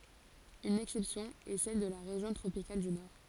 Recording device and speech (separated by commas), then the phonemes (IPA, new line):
forehead accelerometer, read sentence
yn ɛksɛpsjɔ̃ ɛ sɛl də la ʁeʒjɔ̃ tʁopikal dy nɔʁ